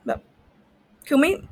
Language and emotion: Thai, frustrated